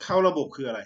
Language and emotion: Thai, frustrated